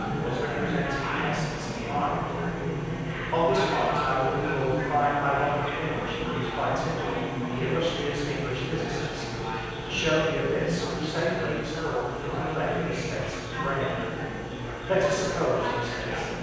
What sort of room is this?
A large and very echoey room.